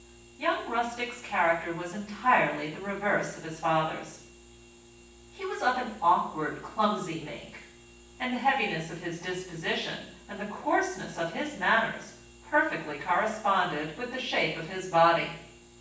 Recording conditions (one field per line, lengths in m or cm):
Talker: one person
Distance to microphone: 9.8 m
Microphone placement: far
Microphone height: 1.8 m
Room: large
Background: none